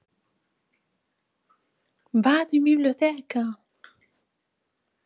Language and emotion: Italian, surprised